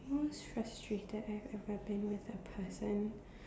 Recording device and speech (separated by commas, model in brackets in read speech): standing microphone, conversation in separate rooms